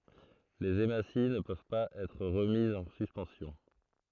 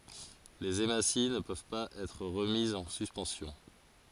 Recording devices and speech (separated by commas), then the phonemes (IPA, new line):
throat microphone, forehead accelerometer, read sentence
lez emasi nə pøv paz ɛtʁ ʁəmizz ɑ̃ syspɑ̃sjɔ̃